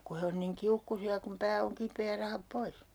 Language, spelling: Finnish, kun he on niin kiukkuisia kun pää on kipeä ja rahat pois
- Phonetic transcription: 'ku he on niŋ 'kiukkusi₍a kum 'pää oŋ 'kipee ja 'rahap "pois .

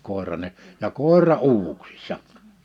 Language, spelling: Finnish, koiran - ja koira uuvuksissa
- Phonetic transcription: 'kòeran ‿e- , ja "kòera 'uuvuksɪssa .

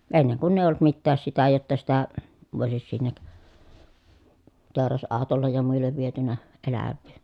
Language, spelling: Finnish, ennen kun ei ollut mitään sitä jotta sitä voisi sinne teurasautolle ja muille viety eläviä
- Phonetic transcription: enneŋ kunn ‿èiʲ ‿olˡᵘt mittääs sitä jotta sitä , vòisis sinnek , tèoras₍àotollej ja muillev vietynä , elävvii .

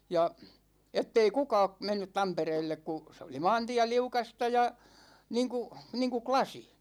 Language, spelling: Finnish, ja että ei kukaan mennyt Tampereelle kun se oli maantie liukasta ja niin kuin niin kuin lasi
- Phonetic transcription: 'ja , 'ettei 'kuka̭a̭ , 'mennyt 'Tampereellek ku , se oli "maantiä 'liukasta ja , 'niiŋku , 'niiŋku "klasi .

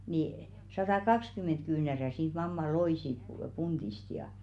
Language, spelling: Finnish, niin satakaksikymmentä kyynärää siitä mamma loi siitä - puntista ja
- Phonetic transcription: ni 'satà"kakskymmen̬t 'kyynärä siit 'mamma "loì siit pu- 'punᴅist ja .

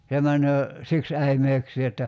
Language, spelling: Finnish, se menee siksi äimeyksiin että
- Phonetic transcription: se 'män̳§öö , 'siks 'äimeöksii että ,.

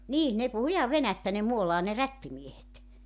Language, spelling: Finnish, niin ne puhui ihan venäjää ne Muolaan ne rättimiehet
- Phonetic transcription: 'nii , ne puhu 'ihav "venättä ne 'Muolaa ne "rättimiehet .

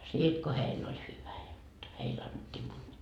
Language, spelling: Finnish, siitä kun heillä oli hyvä jotta heille annettiin munia
- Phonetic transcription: 'siit ko 'heill ‿oĺ 'hyvä jot , 'heil annet́t́ii muńńii .

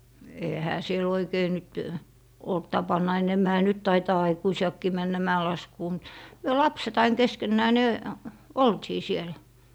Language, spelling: Finnish, eihän siellä oikein nyt ollut tapana enemmänhän nyt taitaa aikuisiakin mennä mäenlaskuun mutta me lapset aina keskenään niin oltiin siellä
- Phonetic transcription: 'ehä siel ‿'oikei nyt , olt 'tapanna enemmähä "nyt taitaa aikuisi₍akkii männä 'mä₍elaskuu mut , 'myö "lapset ‿ain 'keskennää ni̮ , "oltii sielÄ .

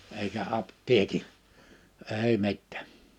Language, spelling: Finnish, eikä apteekin ei mitään
- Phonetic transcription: eikä 'apt̀ieki , 'èi 'mittᴀ̈̀ .

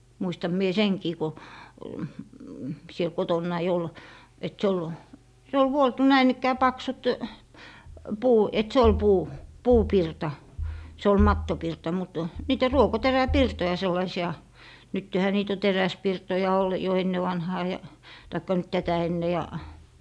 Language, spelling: Finnish, muistan minä senkin kun siellä kotonani oli että se oli se oli vuoltu näin ikään paksut - että se oli - puupirta se oli mattopirta mutta niitä ruokoteräpirtoja sellaisia nythän niitä on teräspirtoja - jo ennen vanhaan ja tai nyt tätä ennen ja
- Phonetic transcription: 'muistam mie "seŋkii ko , 'siel "kotonnai ol , et 'se ol , se ol 'vuoltu 'näin ‿ikkää 'paksut , "puu - et 'se ol "puu- , "puupirta , 'se ol "mattopirta mut , 'niitä "ruoko'terä'pirtoja 'sellaisi₍a , 'nyttehä 'niit o "teräspirtoja ol- , jo 'enne'vanhaa ja , taikka nyt 'tätä enne ja ,.

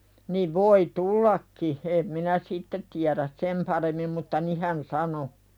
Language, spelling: Finnish, niin voi tullakin en minä sitten tiedä sen paremmin mutta niin hän sanoi
- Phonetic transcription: niv voi "tullakki , em minä "sitte tiäräs 'sem paremmim mutta 'ni hän "sano .

